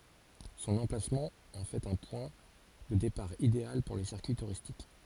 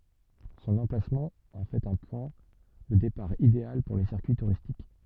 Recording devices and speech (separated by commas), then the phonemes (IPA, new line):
forehead accelerometer, soft in-ear microphone, read sentence
sɔ̃n ɑ̃plasmɑ̃ ɑ̃ fɛt œ̃ pwɛ̃ də depaʁ ideal puʁ le siʁkyi tuʁistik